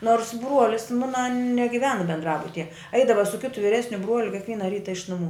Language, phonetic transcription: Lithuanian, nors ˈbruolis ˈmuna negiˈvena bendˈrabutije ˈaidava su ˈkitu viˈresniu ˈbruoliu kikˈviena ˈryta iš nuˈmų

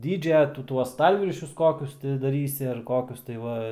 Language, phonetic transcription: Lithuanian, ˈdydžia ˈtu ˈtuos ˈstalviršius ˈkokius ti daˈrysi ar ˈkokius tai ˈva

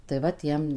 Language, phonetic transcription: Lithuanian, tai ˈva ˈtiem

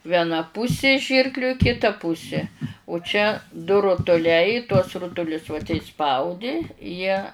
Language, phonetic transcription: Lithuanian, vieˈna ˈpusi ˈžyrkliu i kiˈta ˈpusi u čia du rutuˈliai tuos ˈrutulius va tei ˈspaudi ˈjie

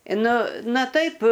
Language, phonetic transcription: Lithuanian, ˈnu ˈna ˈtaip

